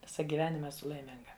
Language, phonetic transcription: Lithuanian, ˈvisą gyˈvenima eˈsu laiˈminga

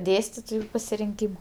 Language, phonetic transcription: Lithuanian, ˈdėstitoju pasirinˈkyma

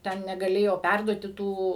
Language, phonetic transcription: Lithuanian, ˈten negaˈlėjo ˈpærduoti ˈtų

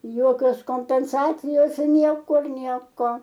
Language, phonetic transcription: Lithuanian, ˈjokios kompenˈsacijos ir ˈniekur ˈnieko

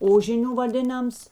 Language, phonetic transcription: Lithuanian, ˈožiniu vaˈdėnams

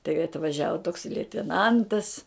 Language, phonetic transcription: Lithuanian, tai atvaˈžiavo toks leiteˈnantas

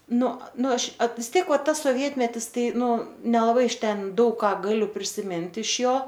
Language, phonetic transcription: Lithuanian, ˈnu ˈnu ˈaš at vis ˈtiek ˈva tas soˈvietmetis ˈtai ˈnu nelaˈbai iš ˈten ˈdaug ˈką gaˈliu prisiˈmint iš ˈjo

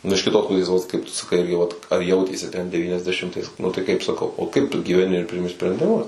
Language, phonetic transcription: Lithuanian, ˈnu iš kiˈtos ˈpusės ˈvat kaip ˈtu saˈkai ˈirgi vat ar ˈjautėsi ten devyniasdeˈšimtais ˈnu tai ˈkaip saˈkau o ˈkaip gyveˈni ir ˈprimi sprendiˈmus

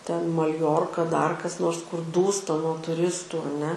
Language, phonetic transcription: Lithuanian, ten malˈjorka dar kas ˈnors kur ˈdūsta nuo tuˈristų aˈne

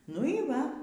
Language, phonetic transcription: Lithuanian, nu y ˈva

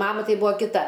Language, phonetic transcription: Lithuanian, ˈmama ˈtai ˈbūa kiˈta

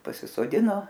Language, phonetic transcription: Lithuanian, pasisoˈdino

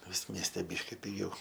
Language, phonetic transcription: Lithuanian, ˈvis ˈmieste ˈbyški piˈgiau

